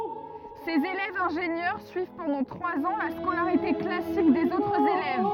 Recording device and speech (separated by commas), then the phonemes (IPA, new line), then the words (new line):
rigid in-ear microphone, read sentence
sez elɛvz ɛ̃ʒenjœʁ syiv pɑ̃dɑ̃ tʁwaz ɑ̃ la skolaʁite klasik dez otʁz elɛv
Ces élèves ingénieurs suivent pendant trois ans la scolarité classique des autres élèves.